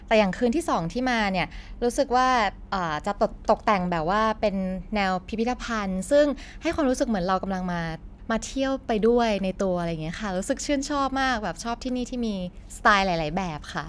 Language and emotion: Thai, happy